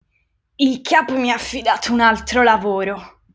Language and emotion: Italian, disgusted